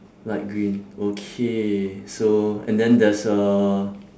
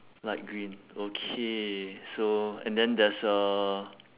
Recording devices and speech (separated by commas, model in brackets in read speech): standing microphone, telephone, conversation in separate rooms